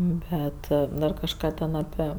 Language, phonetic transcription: Lithuanian, ˈbet dar kažˈką ten aˈpie

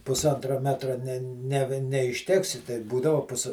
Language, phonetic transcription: Lithuanian, pusˈantra ˈmetra ne ne neišˈteksi tai ˈbūdavo ˈpus

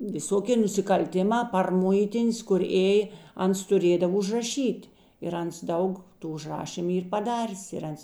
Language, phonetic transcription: Lithuanian, viˈsokė nusikalˈtiˌmā par ˈmuitin's kur ˈėjė ˈans tuˈrėdav užraˈšyt' ir ˈans ˈdaug ˈtų užˈrašymu ˈyr paˈdarės ir ˈans

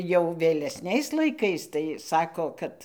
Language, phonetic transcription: Lithuanian, jau vėleˈsniais laiˈkais tai ˈsako ˈkad

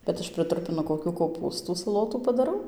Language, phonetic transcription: Lithuanian, bet ˈaš prɨˈtrupinu koˈkių koˈpūstų saˈlotų padaˈrau

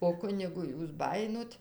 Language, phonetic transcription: Lithuanian, o ˈkunigu ˈjūs ˈbajinot

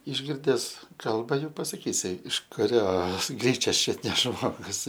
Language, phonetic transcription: Lithuanian, išˈgirdes ˈkalba ˈjų pasaˈkysi iš kuˈrios ˈgryčias ˈčiut ne ˈžmogus

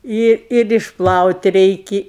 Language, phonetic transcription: Lithuanian, ˈi ir išˈplaut' ˈreiki

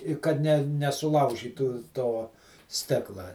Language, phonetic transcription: Lithuanian, i ˈkad ne nesuˈlaužytų ˈto ˈstikla

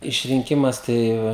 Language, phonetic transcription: Lithuanian, išrinˈkimas ˈtai

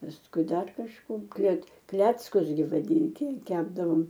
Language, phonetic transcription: Lithuanian, pasˈkui ˈdar kažˈko klet ˈkleckus gi vaˈdinti ˈkepdavom

